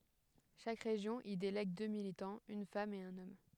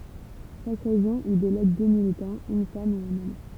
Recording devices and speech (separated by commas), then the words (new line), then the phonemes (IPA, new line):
headset microphone, temple vibration pickup, read sentence
Chaque région y délègue deux militants, une femme et un homme.
ʃak ʁeʒjɔ̃ i delɛɡ dø militɑ̃z yn fam e œ̃n ɔm